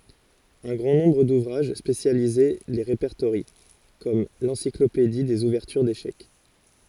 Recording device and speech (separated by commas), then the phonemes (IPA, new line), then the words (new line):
forehead accelerometer, read sentence
œ̃ ɡʁɑ̃ nɔ̃bʁ duvʁaʒ spesjalize le ʁepɛʁtoʁjɑ̃ kɔm lɑ̃siklopedi dez uvɛʁtyʁ deʃɛk
Un grand nombre d'ouvrages spécialisés les répertorient, comme l'Encyclopédie des ouvertures d'échecs.